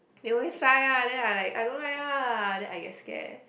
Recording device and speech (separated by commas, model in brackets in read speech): boundary microphone, conversation in the same room